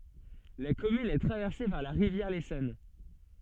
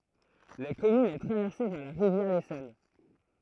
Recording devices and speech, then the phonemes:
soft in-ear microphone, throat microphone, read sentence
la kɔmyn ɛ tʁavɛʁse paʁ la ʁivjɛʁ lesɔn

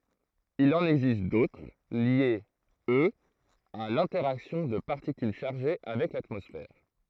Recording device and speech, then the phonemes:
throat microphone, read sentence
il ɑ̃n ɛɡzist dotʁ ljez øz a lɛ̃tɛʁaksjɔ̃ də paʁtikyl ʃaʁʒe avɛk latmɔsfɛʁ

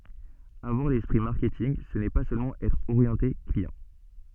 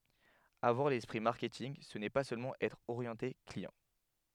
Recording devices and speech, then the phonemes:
soft in-ear microphone, headset microphone, read sentence
avwaʁ lɛspʁi maʁkɛtinɡ sə nɛ pa sølmɑ̃ ɛtʁ oʁjɑ̃te kliɑ̃

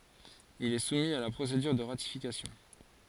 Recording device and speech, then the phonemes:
forehead accelerometer, read sentence
il ɛ sumi a la pʁosedyʁ də ʁatifikasjɔ̃

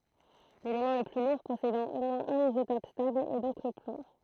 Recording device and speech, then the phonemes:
throat microphone, read sentence
lelemɑ̃ lə ply luʁ pɔsedɑ̃ o mwɛ̃z œ̃n izotɔp stabl ɛ dɔ̃k lə plɔ̃

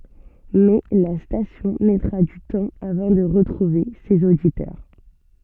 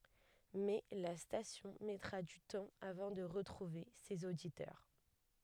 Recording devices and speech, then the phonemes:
soft in-ear microphone, headset microphone, read sentence
mɛ la stasjɔ̃ mɛtʁa dy tɑ̃ avɑ̃ də ʁətʁuve sez oditœʁ

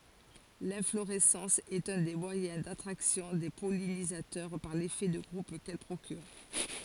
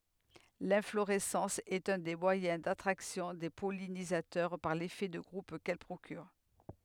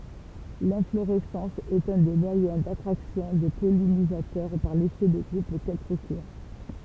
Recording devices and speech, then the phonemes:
forehead accelerometer, headset microphone, temple vibration pickup, read sentence
lɛ̃floʁɛsɑ̃s ɛt œ̃ de mwajɛ̃ datʁaksjɔ̃ de pɔlinizatœʁ paʁ lefɛ də ɡʁup kɛl pʁokyʁ

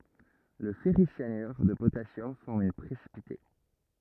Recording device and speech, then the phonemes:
rigid in-ear microphone, read sentence
lə fɛʁisjanyʁ də potasjɔm fɔʁm œ̃ pʁesipite

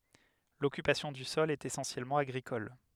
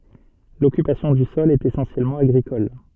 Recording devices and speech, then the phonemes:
headset microphone, soft in-ear microphone, read sentence
lɔkypasjɔ̃ dy sɔl ɛt esɑ̃sjɛlmɑ̃ aɡʁikɔl

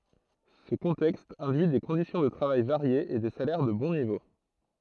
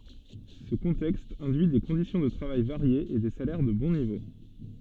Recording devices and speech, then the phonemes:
throat microphone, soft in-ear microphone, read sentence
sə kɔ̃tɛkst ɛ̃dyi de kɔ̃disjɔ̃ də tʁavaj vaʁjez e de salɛʁ də bɔ̃ nivo

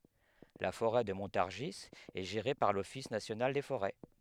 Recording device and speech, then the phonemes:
headset microphone, read sentence
la foʁɛ də mɔ̃taʁʒi ɛ ʒeʁe paʁ lɔfis nasjonal de foʁɛ

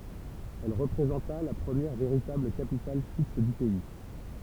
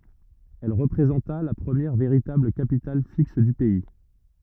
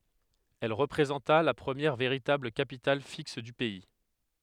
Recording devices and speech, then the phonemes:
temple vibration pickup, rigid in-ear microphone, headset microphone, read sentence
ɛl ʁəpʁezɑ̃ta la pʁəmjɛʁ veʁitabl kapital fiks dy pɛi

